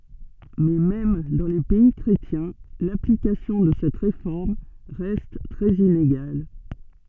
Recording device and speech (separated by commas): soft in-ear microphone, read sentence